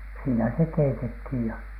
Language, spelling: Finnish, siinä se keitettiin ja
- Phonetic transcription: siinä se 'keitethìj ja .

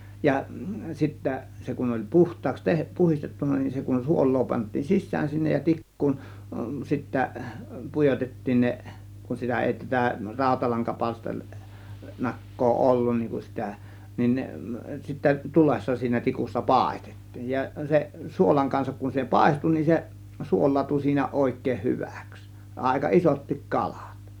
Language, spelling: Finnish, ja sitten se kun oli puhtaaksi - puhdistettu niin se kun suolaa pantiin sisään sinne ja tikkuun sitten pujotettiin ne kun sitä ei tätä - rautalankapalsternakkaa ollut niin kun sitä niin ne sitten tulessa siinä tikussa paistettiin ja se suolan kanssa kun se paistui niin se suolaantui siinä oikein hyväksi aika isotkin kalat
- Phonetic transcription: ja 'sittä , se kun oĺ "puht̆taaks teh- , 'puhistettunna nin , se kun "suol̆loo pant̆tiin "sis̆sään sinnej ja "tik̀kuun , sittä , "pujotettiin 'ne , kun sitä èi tätä 'ràȯtalaŋkapalster- , -'nak̀koo "ollun niiŋ kun 'sitä , nin 'ne sittä 'tulessa siinä 'tikussa "pàėstEttIIJ ja , 'se , 'suolaŋ kansak kun se "pàėstu nin se , 'suol̆laatu siinä 'òėk̆keeh "hyvÄks , 'àėka "isottik 'ka-LAt .

